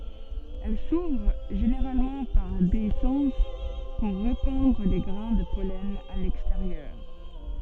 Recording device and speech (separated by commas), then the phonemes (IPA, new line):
soft in-ear microphone, read sentence
ɛl suvʁ ʒeneʁalmɑ̃ paʁ deisɑ̃s puʁ ʁepɑ̃dʁ le ɡʁɛ̃ də pɔlɛn a lɛksteʁjœʁ